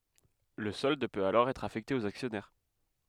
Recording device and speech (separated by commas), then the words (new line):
headset microphone, read sentence
Le solde peut alors être affecté aux actionnaires.